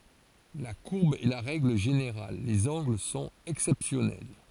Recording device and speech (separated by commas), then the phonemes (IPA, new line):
forehead accelerometer, read sentence
la kuʁb ɛ la ʁɛɡl ʒeneʁal lez ɑ̃ɡl sɔ̃t ɛksɛpsjɔnɛl